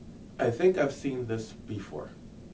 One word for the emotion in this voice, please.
neutral